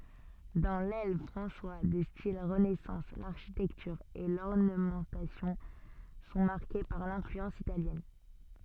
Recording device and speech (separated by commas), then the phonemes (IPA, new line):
soft in-ear microphone, read sentence
dɑ̃ lɛl fʁɑ̃swa də stil ʁənɛsɑ̃s laʁʃitɛktyʁ e lɔʁnəmɑ̃tasjɔ̃ sɔ̃ maʁke paʁ lɛ̃flyɑ̃s italjɛn